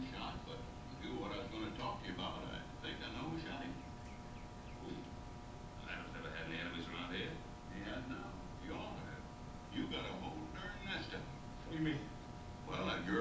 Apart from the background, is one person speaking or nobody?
No one.